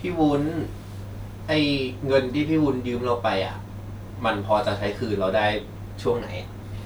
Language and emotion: Thai, neutral